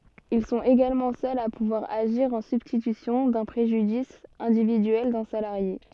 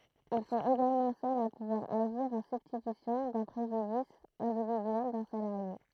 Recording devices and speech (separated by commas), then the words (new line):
soft in-ear microphone, throat microphone, read sentence
Ils sont également seuls à pouvoir agir en substitution d'un préjudice individuel d'un salarié.